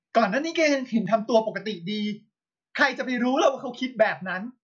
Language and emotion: Thai, angry